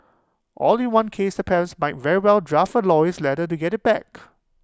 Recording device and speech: close-talking microphone (WH20), read sentence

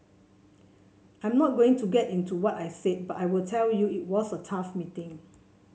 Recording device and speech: mobile phone (Samsung C7), read sentence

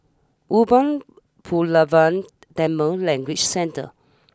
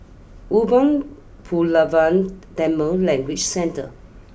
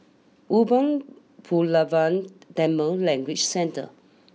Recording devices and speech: standing microphone (AKG C214), boundary microphone (BM630), mobile phone (iPhone 6), read sentence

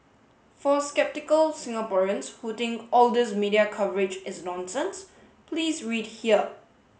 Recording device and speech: mobile phone (Samsung S8), read sentence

